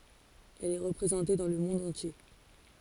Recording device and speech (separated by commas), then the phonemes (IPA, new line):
forehead accelerometer, read sentence
ɛl ɛ ʁəpʁezɑ̃te dɑ̃ lə mɔ̃d ɑ̃tje